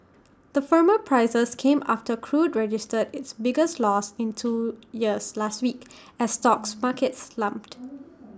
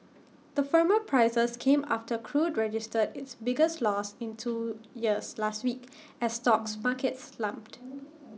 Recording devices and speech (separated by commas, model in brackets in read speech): standing microphone (AKG C214), mobile phone (iPhone 6), read sentence